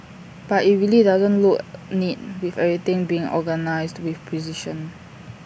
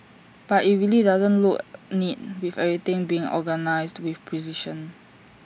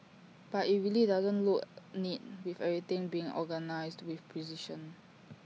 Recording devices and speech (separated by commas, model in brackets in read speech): boundary microphone (BM630), standing microphone (AKG C214), mobile phone (iPhone 6), read sentence